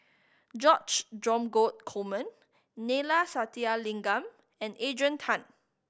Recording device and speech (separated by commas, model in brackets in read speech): boundary microphone (BM630), read sentence